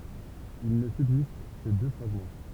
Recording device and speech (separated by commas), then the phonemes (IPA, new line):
temple vibration pickup, read sentence
il nə sybzist kə dø fʁaɡmɑ̃